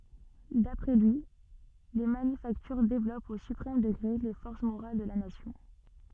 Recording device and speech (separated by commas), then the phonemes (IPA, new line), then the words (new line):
soft in-ear microphone, read sentence
dapʁɛ lyi le manyfaktyʁ devlɔpt o sypʁɛm dəɡʁe le fɔʁs moʁal də la nasjɔ̃
D'après lui, les manufactures développent au suprême degré les forces morales de la nation.